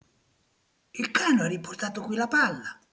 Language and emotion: Italian, surprised